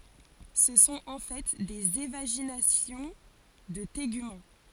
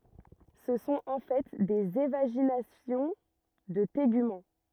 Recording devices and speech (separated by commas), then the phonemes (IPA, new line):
forehead accelerometer, rigid in-ear microphone, read sentence
sə sɔ̃t ɑ̃ fɛ dez evaʒinasjɔ̃ də teɡymɑ̃